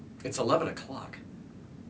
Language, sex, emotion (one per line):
English
male
neutral